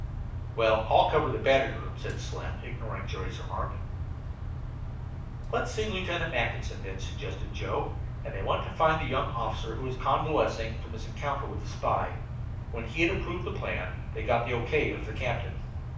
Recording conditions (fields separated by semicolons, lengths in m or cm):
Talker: one person; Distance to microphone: 5.8 m; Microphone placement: far; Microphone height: 1.8 m; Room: medium-sized (5.7 m by 4.0 m); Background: none